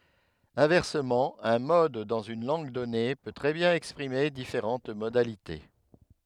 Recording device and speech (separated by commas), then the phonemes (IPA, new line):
headset microphone, read sentence
ɛ̃vɛʁsəmɑ̃ œ̃ mɔd dɑ̃z yn lɑ̃ɡ dɔne pø tʁɛ bjɛ̃n ɛkspʁime difeʁɑ̃t modalite